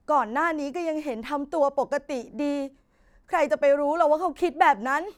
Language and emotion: Thai, sad